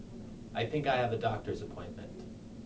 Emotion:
neutral